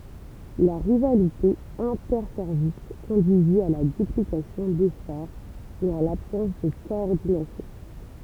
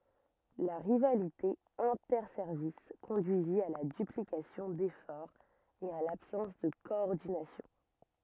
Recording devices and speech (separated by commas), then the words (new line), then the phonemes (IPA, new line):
temple vibration pickup, rigid in-ear microphone, read sentence
La rivalité interservices conduisit à la duplication d'efforts et à l'absence de coordination.
la ʁivalite ɛ̃tɛʁsɛʁvis kɔ̃dyizi a la dyplikasjɔ̃ defɔʁz e a labsɑ̃s də kɔɔʁdinasjɔ̃